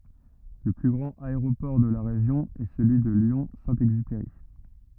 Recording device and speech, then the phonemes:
rigid in-ear microphone, read sentence
lə ply ɡʁɑ̃t aeʁopɔʁ də la ʁeʒjɔ̃ ɛ səlyi də ljɔ̃ sɛ̃ ɛɡzypeʁi

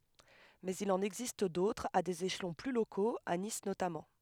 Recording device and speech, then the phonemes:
headset microphone, read sentence
mɛz il ɑ̃n ɛɡzist dotʁz a dez eʃlɔ̃ ply lokoz a nis notamɑ̃

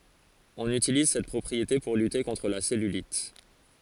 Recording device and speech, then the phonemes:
forehead accelerometer, read sentence
ɔ̃n ytiliz sɛt pʁɔpʁiete puʁ lyte kɔ̃tʁ la sɛlylit

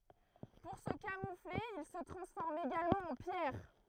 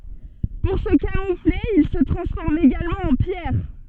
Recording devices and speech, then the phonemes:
throat microphone, soft in-ear microphone, read sentence
puʁ sə kamufle il sə tʁɑ̃sfɔʁmt eɡalmɑ̃ ɑ̃ pjɛʁ

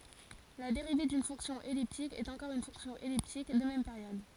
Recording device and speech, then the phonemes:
forehead accelerometer, read sentence
la deʁive dyn fɔ̃ksjɔ̃ ɛliptik ɛt ɑ̃kɔʁ yn fɔ̃ksjɔ̃ ɛliptik də mɛm peʁjɔd

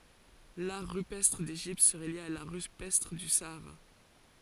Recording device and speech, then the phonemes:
forehead accelerometer, read sentence
laʁ ʁypɛstʁ deʒipt səʁɛ lje a laʁ ʁypɛstʁ dy saaʁa

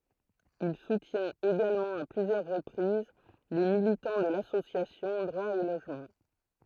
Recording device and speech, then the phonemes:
throat microphone, read sentence
il sutjɛ̃t eɡalmɑ̃ a plyzjœʁ ʁəpʁiz le militɑ̃ də lasosjasjɔ̃ dʁwa o loʒmɑ̃

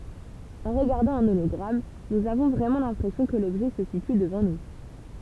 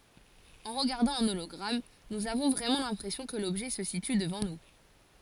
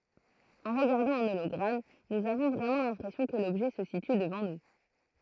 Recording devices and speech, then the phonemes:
temple vibration pickup, forehead accelerometer, throat microphone, read sentence
ɑ̃ ʁəɡaʁdɑ̃ œ̃ olɔɡʁam nuz avɔ̃ vʁɛmɑ̃ lɛ̃pʁɛsjɔ̃ kə lɔbʒɛ sə sity dəvɑ̃ nu

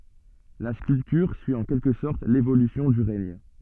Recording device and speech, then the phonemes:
soft in-ear microphone, read sentence
la skyltyʁ syi ɑ̃ kɛlkə sɔʁt levolysjɔ̃ dy ʁɛɲ

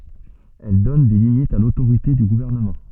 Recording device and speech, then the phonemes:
soft in-ear microphone, read sentence
ɛl dɔn de limitz a lotoʁite dy ɡuvɛʁnəmɑ̃

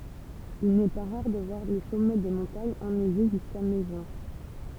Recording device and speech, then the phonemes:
temple vibration pickup, read sentence
il nɛ pa ʁaʁ də vwaʁ le sɔmɛ de mɔ̃taɲz ɛnɛʒe ʒyska mɛ ʒyɛ̃

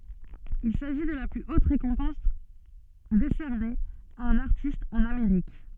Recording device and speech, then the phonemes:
soft in-ear microphone, read sentence
il saʒi də la ply ot ʁekɔ̃pɑ̃s desɛʁne a œ̃n aʁtist ɑ̃n ameʁik

